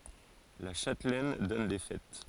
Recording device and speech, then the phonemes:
forehead accelerometer, read sentence
la ʃatlɛn dɔn de fɛt

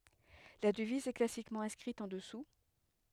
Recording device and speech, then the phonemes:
headset microphone, read sentence
la dəviz ɛ klasikmɑ̃ ɛ̃skʁit ɑ̃ dəsu

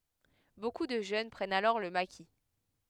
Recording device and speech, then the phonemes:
headset microphone, read sentence
boku də ʒøn pʁɛnt alɔʁ lə maki

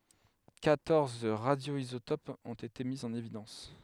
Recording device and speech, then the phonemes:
headset microphone, read sentence
kwatɔʁz ʁadjoizotopz ɔ̃t ete mi ɑ̃n evidɑ̃s

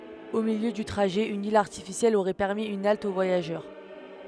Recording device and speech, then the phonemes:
headset microphone, read sentence
o miljø dy tʁaʒɛ yn il aʁtifisjɛl oʁɛ pɛʁmi yn alt o vwajaʒœʁ

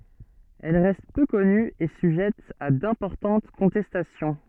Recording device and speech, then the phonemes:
soft in-ear microphone, read sentence
ɛl ʁɛst pø kɔny e syʒɛt a dɛ̃pɔʁtɑ̃t kɔ̃tɛstasjɔ̃

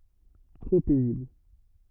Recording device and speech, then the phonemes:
rigid in-ear microphone, read sentence
tʁo pɛzibl

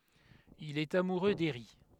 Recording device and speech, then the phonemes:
headset microphone, read sentence
il ɛt amuʁø deʁi

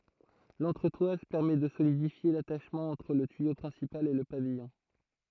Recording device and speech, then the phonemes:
throat microphone, read sentence
lɑ̃tʁətwaz pɛʁmɛ də solidifje lataʃmɑ̃ ɑ̃tʁ lə tyijo pʁɛ̃sipal e lə pavijɔ̃

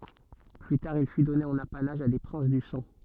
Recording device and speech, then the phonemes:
soft in-ear microphone, read sentence
ply taʁ il fy dɔne ɑ̃n apanaʒ a de pʁɛ̃s dy sɑ̃

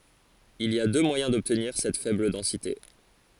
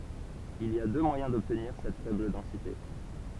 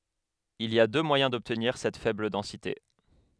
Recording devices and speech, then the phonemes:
forehead accelerometer, temple vibration pickup, headset microphone, read sentence
il i a dø mwajɛ̃ dɔbtniʁ sɛt fɛbl dɑ̃site

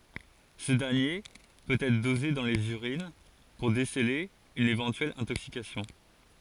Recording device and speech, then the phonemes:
forehead accelerometer, read sentence
sə dɛʁnje pøt ɛtʁ doze dɑ̃ lez yʁin puʁ desəle yn evɑ̃tyɛl ɛ̃toksikasjɔ̃

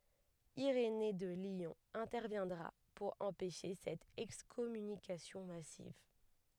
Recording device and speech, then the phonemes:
headset microphone, read sentence
iʁene də ljɔ̃ ɛ̃tɛʁvjɛ̃dʁa puʁ ɑ̃pɛʃe sɛt ɛkskɔmynikasjɔ̃ masiv

